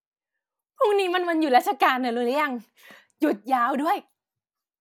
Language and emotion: Thai, happy